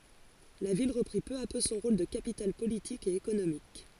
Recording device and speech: forehead accelerometer, read sentence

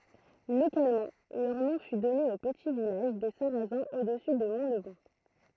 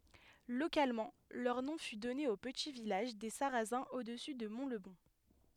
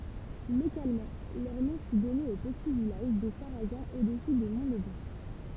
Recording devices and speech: throat microphone, headset microphone, temple vibration pickup, read sentence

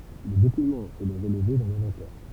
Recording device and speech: temple vibration pickup, read sentence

